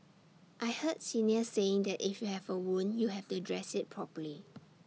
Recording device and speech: mobile phone (iPhone 6), read sentence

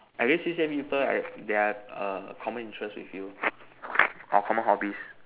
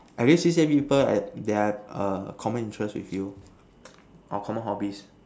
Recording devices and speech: telephone, standing microphone, conversation in separate rooms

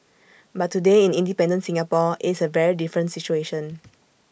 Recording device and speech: boundary microphone (BM630), read sentence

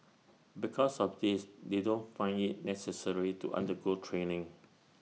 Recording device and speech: mobile phone (iPhone 6), read sentence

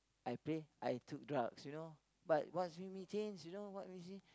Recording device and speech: close-talking microphone, conversation in the same room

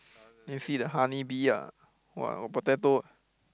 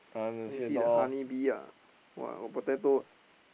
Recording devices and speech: close-talking microphone, boundary microphone, conversation in the same room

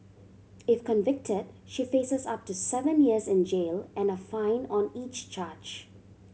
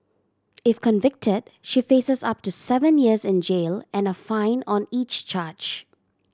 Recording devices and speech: mobile phone (Samsung C7100), standing microphone (AKG C214), read sentence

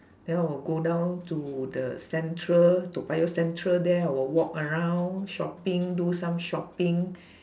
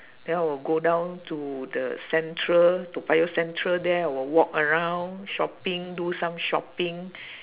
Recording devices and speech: standing microphone, telephone, conversation in separate rooms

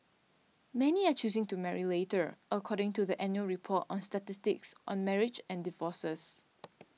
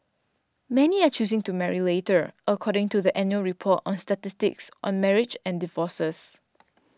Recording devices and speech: mobile phone (iPhone 6), standing microphone (AKG C214), read sentence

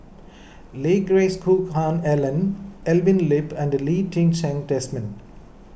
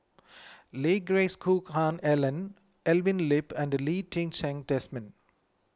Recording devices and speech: boundary microphone (BM630), close-talking microphone (WH20), read sentence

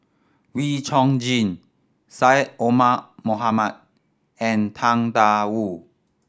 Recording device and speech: standing microphone (AKG C214), read sentence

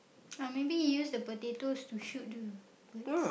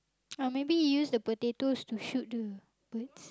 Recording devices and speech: boundary microphone, close-talking microphone, conversation in the same room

